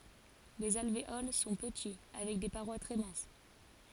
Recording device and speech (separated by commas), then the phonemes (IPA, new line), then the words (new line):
forehead accelerometer, read sentence
lez alveol sɔ̃ pəti avɛk de paʁwa tʁɛ mɛ̃s
Les alvéoles sont petits avec des parois très minces.